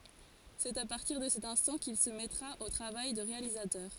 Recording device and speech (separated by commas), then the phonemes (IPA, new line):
forehead accelerometer, read sentence
sɛt a paʁtiʁ də sɛt ɛ̃stɑ̃ kil sə mɛtʁa o tʁavaj də ʁealizatœʁ